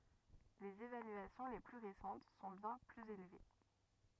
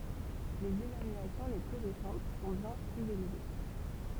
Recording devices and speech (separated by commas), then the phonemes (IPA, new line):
rigid in-ear microphone, temple vibration pickup, read sentence
lez evalyasjɔ̃ le ply ʁesɑ̃t sɔ̃ bjɛ̃ plyz elve